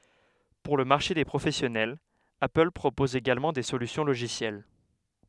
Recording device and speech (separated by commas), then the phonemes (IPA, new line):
headset microphone, read sentence
puʁ lə maʁʃe de pʁofɛsjɔnɛl apəl pʁopɔz eɡalmɑ̃ de solysjɔ̃ loʒisjɛl